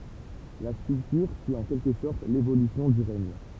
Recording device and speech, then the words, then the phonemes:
temple vibration pickup, read sentence
La sculpture suit en quelque sorte l'évolution du règne.
la skyltyʁ syi ɑ̃ kɛlkə sɔʁt levolysjɔ̃ dy ʁɛɲ

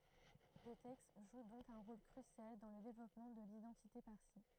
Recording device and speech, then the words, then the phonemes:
throat microphone, read sentence
Le texte joue donc un rôle crucial dans le développement de l'identité parsie.
lə tɛkst ʒu dɔ̃k œ̃ ʁol kʁysjal dɑ̃ lə devlɔpmɑ̃ də lidɑ̃tite paʁsi

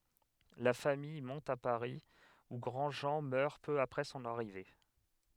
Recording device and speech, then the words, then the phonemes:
headset microphone, read sentence
La famille monte à Paris, où Grandjean meurt peu après son arrivée.
la famij mɔ̃t a paʁi u ɡʁɑ̃dʒɑ̃ mœʁ pø apʁɛ sɔ̃n aʁive

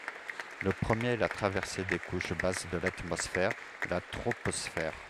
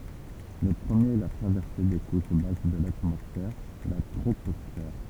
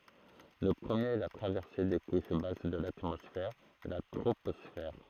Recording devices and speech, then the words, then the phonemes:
headset microphone, temple vibration pickup, throat microphone, read sentence
Le premier est la traversée des couches basses de l'atmosphère, la troposphère.
lə pʁəmjeʁ ɛ la tʁavɛʁse de kuʃ bas də latmɔsfɛʁ la tʁopɔsfɛʁ

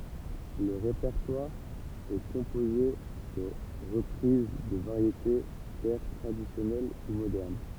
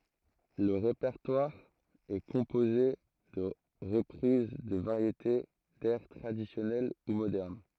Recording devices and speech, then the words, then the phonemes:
temple vibration pickup, throat microphone, read sentence
Le répertoire est composé de reprises de variétés, d'airs traditionnels ou modernes.
lə ʁepɛʁtwaʁ ɛ kɔ̃poze də ʁəpʁiz də vaʁjete dɛʁ tʁadisjɔnɛl u modɛʁn

